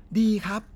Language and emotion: Thai, happy